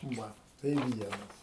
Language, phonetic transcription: Lithuanian, ˈva tai ˈvienas

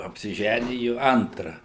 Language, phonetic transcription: Lithuanian, apsiˈžæniju ˈantra

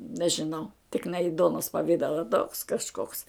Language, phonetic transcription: Lithuanian, nežiˈnau tik ne i ˈduonos paˈvidala toks kažˈkoks

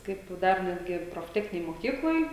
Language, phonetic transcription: Lithuanian, ˈkaip ˈdar ˈnetgi profˈtechninėj moˈkykloj

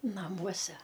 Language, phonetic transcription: Lithuanian, naˈmuose

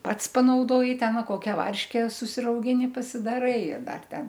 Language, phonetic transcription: Lithuanian, ˈpats panauˈdoji ˈten ˈva ˈkokia ˈvarške susirauˈgini pasidaˈrai ir ˈdar ˈten

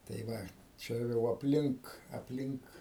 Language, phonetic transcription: Lithuanian, tai ˈva ˈčia jau apˈlink apˈlink

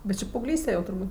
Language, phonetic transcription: Lithuanian, bet ˈči paauˈglyste jau turˈbūt'

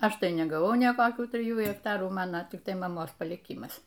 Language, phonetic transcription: Lithuanian, ˈaš ˈtai negaˈvau nė koˈkių triˈjų hekˈtarų ˈmana tikˈtai maˈmos palyˈkimas

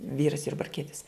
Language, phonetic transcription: Lithuanian, ˈvyras jurbarˈkietis

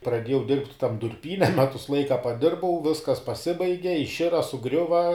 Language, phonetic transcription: Lithuanian, praˈdėjau dirbt' tam durˈpyne ˈmetus ˈlaika paˈdirbau ˈviskas paˈsibaige išˈira suˈgriuva

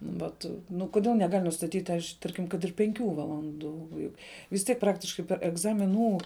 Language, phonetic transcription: Lithuanian, ˈvat ˈnu kuˈdėl neˈgal' nustaˈtyt' aš ˈtarkim kad ir penˈkių valanˈdų ˈjug vis ˈtiek ˈpraktiškai per egzamiˈnų

